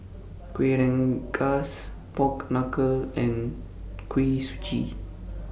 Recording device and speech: boundary microphone (BM630), read sentence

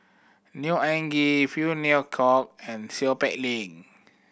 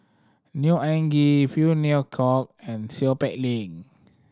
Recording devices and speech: boundary microphone (BM630), standing microphone (AKG C214), read sentence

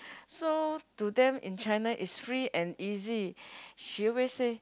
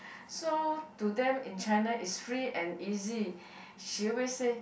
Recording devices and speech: close-talking microphone, boundary microphone, conversation in the same room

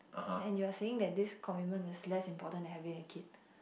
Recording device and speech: boundary microphone, conversation in the same room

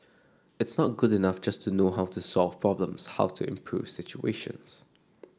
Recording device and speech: standing microphone (AKG C214), read sentence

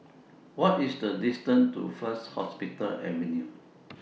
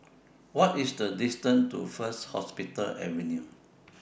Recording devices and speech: mobile phone (iPhone 6), boundary microphone (BM630), read sentence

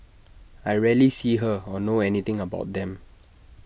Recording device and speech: boundary microphone (BM630), read sentence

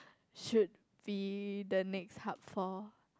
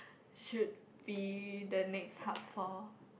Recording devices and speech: close-talking microphone, boundary microphone, conversation in the same room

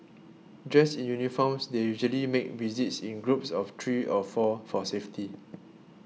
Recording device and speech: mobile phone (iPhone 6), read sentence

